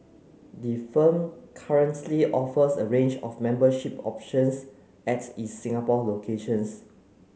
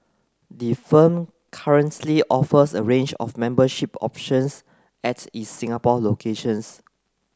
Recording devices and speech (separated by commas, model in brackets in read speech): mobile phone (Samsung C9), close-talking microphone (WH30), read sentence